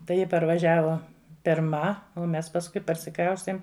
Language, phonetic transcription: Lithuanian, tai ˈji parvaˈžiavo pirˈma o ˈmes pasˈkui parsiˈkraustėm

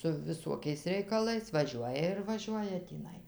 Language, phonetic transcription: Lithuanian, su viˈsuokiais reikaˈlais vaˈžiuoja ir vaˈžiuoja tįˈnai

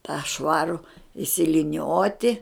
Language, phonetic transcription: Lithuanian, tą ˈšvaru išsiliˈnioti

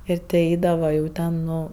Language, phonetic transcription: Lithuanian, ˈir ti ˈeidava jau ˈten ˈnu

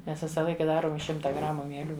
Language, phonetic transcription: Lithuanian, ˈmes ˈvisa ˈlaika ˈdarom iš ˈšimta ˈgramu mieˈlių

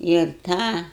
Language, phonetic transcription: Lithuanian, ir ˈtą

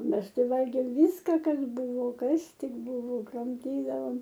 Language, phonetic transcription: Lithuanian, ˈmes ˈtai ˈvalgėm ˈvyska ˈkas ˈbuvo ˈkas ˈtik ˈbuvo kramˈtydavom

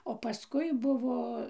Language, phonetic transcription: Lithuanian, o paˈskui ˈbuvo

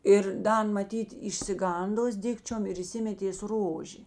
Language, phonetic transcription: Lithuanian, ˈir ˈda ˈan maˈtyt išsiˈgandos ˈdikčiom ir įˈsimetės ˈrožė

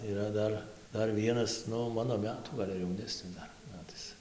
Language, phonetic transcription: Lithuanian, yˈra ˈdar ˈdar ˈvienas ˈnu ˈmano ˈmetų ˈgal' ar jauˈnesnis ˈdar ˈmetais

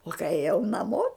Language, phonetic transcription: Lithuanian, o kai ėˈjau naˈmo

